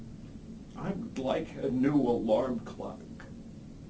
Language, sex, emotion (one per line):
English
male
sad